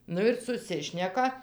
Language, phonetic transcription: Lithuanian, ˈnu ir suˈsišneka

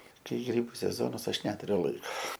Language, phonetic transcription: Lithuanian, ˈkai ˈgrybu seˈzonas ˈaš ˈneturiu laik

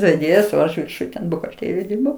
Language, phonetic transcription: Lithuanian, veˈdėjas o ˈaš virˈšuj ten buhalˈtėrijoj ˈdirbau

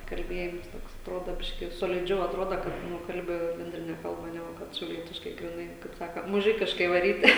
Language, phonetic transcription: Lithuanian, kalˈbėjims ˈtoks atˈrodo ˈbiški jau soliˈdžiau atˈroda kad ˈnu ˈkalbi benˈdrine ˈkalba ˈnegu ˈkad šiauˈlietiškai griˈnai kaip ˈsaka muˈžikiškai vaˈryti

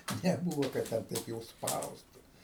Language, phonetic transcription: Lithuanian, neˈbūvo kad ˈten ˈtaip jau ˈspaustu

